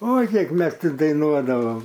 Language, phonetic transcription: Lithuanian, oi ˈkiek ˈmes ˈti daiˈnuodavam

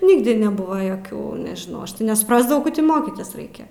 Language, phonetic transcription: Lithuanian, ˈnigdi neˈbuva joˈkių nežiˈnau aš tai nesuprasdavau ko ti ˈmokytis ˈraikia

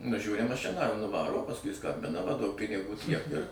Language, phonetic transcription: Lithuanian, nuˈžiūri maˈšiną ir nuˈvaro o pasˈkui ˈskambina va duok piniˈgų tiek ir

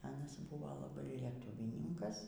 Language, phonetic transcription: Lithuanian, ˈanas ˈbuvo laˈbai lieˈtuvyninkas

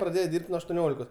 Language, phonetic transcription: Lithuanian, praˈdėje ˈdyrb't' nuo aštuoˈniolikos

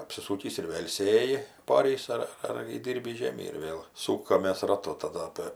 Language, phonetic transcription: Lithuanian, apsiˈsūkįs ir ˈvėl ˈsėji paˈorįs ar ar įˈdyrbįs ˈžėmį ir ˈvėl ˈsūkamės raˈtu taˈda ˈapė

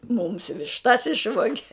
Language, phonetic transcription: Lithuanian, mums višˈtas ˈišvoge

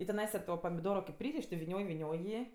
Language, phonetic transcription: Lithuanian, i tiˈnaisa to pamiˈdoro kėp ˈpryriš' ti viˈnioj viˈnioj ˈjį

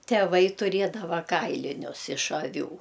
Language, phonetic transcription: Lithuanian, teˈvai tuˈriedava ˈkailinius iš aˈvių

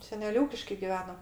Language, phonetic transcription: Lithuanian, seˈnel' ˈūkiškai giˈveno

